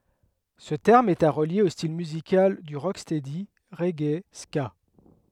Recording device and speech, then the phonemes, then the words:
headset microphone, read sentence
sə tɛʁm ɛt a ʁəlje o stil myzikal dy ʁokstɛdi ʁɛɡe ska
Ce terme est à relier aux style musical du rocksteady, reggae, ska.

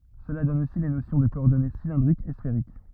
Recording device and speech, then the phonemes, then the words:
rigid in-ear microphone, read sentence
səla dɔn osi le nosjɔ̃ də kɔɔʁdɔne silɛ̃dʁikz e sfeʁik
Cela donne aussi les notions de coordonnées cylindriques et sphériques.

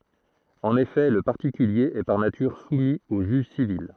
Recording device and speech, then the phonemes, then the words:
throat microphone, read sentence
ɑ̃n efɛ lə paʁtikylje ɛ paʁ natyʁ sumi o ʒyʒ sivil
En effet, le particulier est par nature soumis au juge civil.

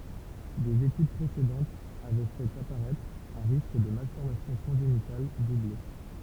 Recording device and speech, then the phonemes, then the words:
temple vibration pickup, read sentence
dez etyd pʁesedɑ̃tz avɛ fɛt apaʁɛtʁ œ̃ ʁisk də malfɔʁmasjɔ̃ kɔ̃ʒenital duble
Des études précédentes avaient fait apparaître un risque de malformations congénitales doublé.

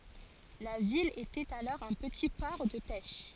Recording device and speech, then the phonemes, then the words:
forehead accelerometer, read sentence
la vil etɛt alɔʁ œ̃ pəti pɔʁ də pɛʃ
La ville était alors un petit port de pêche.

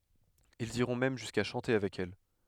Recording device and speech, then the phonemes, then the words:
headset microphone, read sentence
ilz iʁɔ̃ mɛm ʒyska ʃɑ̃te avɛk ɛl
Ils iront même jusqu'à chanter avec elle.

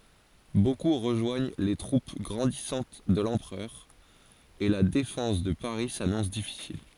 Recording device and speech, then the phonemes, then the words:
forehead accelerometer, read sentence
boku ʁəʒwaɲ le tʁup ɡʁɑ̃disɑ̃t də lɑ̃pʁœʁ e la defɑ̃s də paʁi sanɔ̃s difisil
Beaucoup rejoignent les troupes grandissantes de l'Empereur, et la défense de Paris s'annonce difficile.

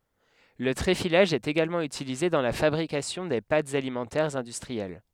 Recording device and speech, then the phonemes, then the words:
headset microphone, read sentence
lə tʁefilaʒ ɛt eɡalmɑ̃ ytilize dɑ̃ la fabʁikasjɔ̃ de patz alimɑ̃tɛʁz ɛ̃dystʁiɛl
Le tréfilage est également utilisé dans la fabrication des pâtes alimentaires industrielles.

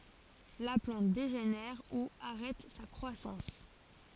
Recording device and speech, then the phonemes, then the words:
forehead accelerometer, read sentence
la plɑ̃t deʒenɛʁ u aʁɛt sa kʁwasɑ̃s
La plante dégénère ou arrête sa croissance.

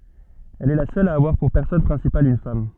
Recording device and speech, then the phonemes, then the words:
soft in-ear microphone, read sentence
ɛl ɛ la sœl a avwaʁ puʁ pɛʁsɔnaʒ pʁɛ̃sipal yn fam
Elle est la seule à avoir pour personnage principal une femme.

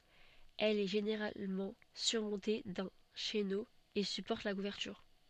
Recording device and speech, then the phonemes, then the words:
soft in-ear microphone, read sentence
ɛl ɛ ʒeneʁalmɑ̃ syʁmɔ̃te dœ̃ ʃeno e sypɔʁt la kuvɛʁtyʁ
Elle est généralement surmontée d'un chéneau et supporte la couverture.

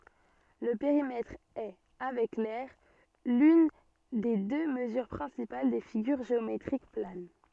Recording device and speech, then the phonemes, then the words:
soft in-ear microphone, read sentence
lə peʁimɛtʁ ɛ avɛk lɛʁ lyn de dø məzyʁ pʁɛ̃sipal de fiɡyʁ ʒeometʁik plan
Le périmètre est, avec l'aire, l'une des deux mesures principales des figures géométriques planes.

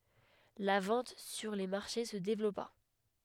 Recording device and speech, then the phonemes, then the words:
headset microphone, read sentence
la vɑ̃t syʁ le maʁʃe sə devlɔpa
La vente sur les marchés se développa.

